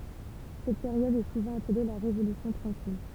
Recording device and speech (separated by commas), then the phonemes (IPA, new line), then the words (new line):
temple vibration pickup, read sentence
sɛt peʁjɔd ɛ suvɑ̃ aple la ʁevolysjɔ̃ tʁɑ̃kil
Cette période est souvent appelée la Révolution tranquille.